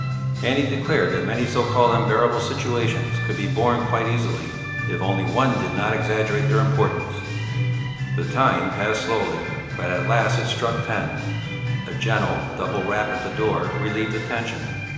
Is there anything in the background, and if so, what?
Music.